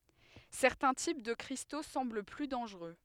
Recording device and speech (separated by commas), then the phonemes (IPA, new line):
headset microphone, read sentence
sɛʁtɛ̃ tip də kʁisto sɑ̃bl ply dɑ̃ʒʁø